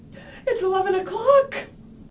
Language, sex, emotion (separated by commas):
English, female, fearful